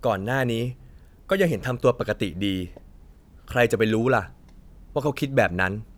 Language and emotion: Thai, frustrated